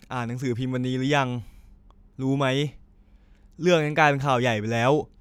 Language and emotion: Thai, frustrated